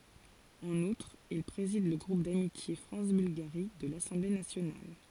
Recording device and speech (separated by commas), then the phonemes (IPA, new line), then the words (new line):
forehead accelerometer, read sentence
ɑ̃n utʁ il pʁezid lə ɡʁup damitje fʁɑ̃s bylɡaʁi də lasɑ̃ble nasjonal
En outre, il préside le groupe d'amitié France-Bulgarie de l'Assemblée nationale.